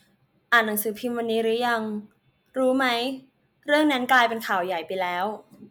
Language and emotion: Thai, neutral